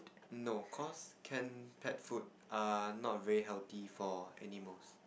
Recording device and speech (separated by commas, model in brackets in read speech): boundary microphone, conversation in the same room